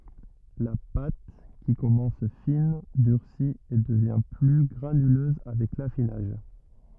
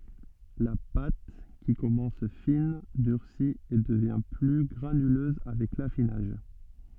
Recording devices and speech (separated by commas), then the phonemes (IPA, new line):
rigid in-ear microphone, soft in-ear microphone, read sentence
la pat ki kɔmɑ̃s fin dyʁsi e dəvjɛ̃ ply ɡʁanyløz avɛk lafinaʒ